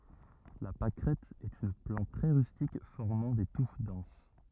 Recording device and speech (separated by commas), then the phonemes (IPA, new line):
rigid in-ear microphone, read sentence
la pakʁɛt ɛt yn plɑ̃t tʁɛ ʁystik fɔʁmɑ̃ de tuf dɑ̃s